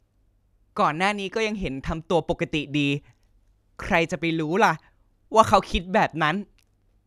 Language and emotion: Thai, frustrated